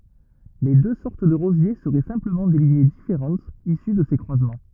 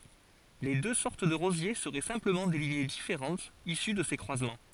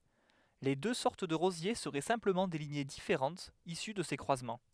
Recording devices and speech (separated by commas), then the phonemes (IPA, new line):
rigid in-ear microphone, forehead accelerometer, headset microphone, read sentence
le dø sɔʁt də ʁozje səʁɛ sɛ̃pləmɑ̃ de liɲe difeʁɑ̃tz isy də se kʁwazmɑ̃